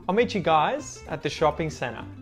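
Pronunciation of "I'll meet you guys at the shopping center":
In 'center', the t after the n is muted.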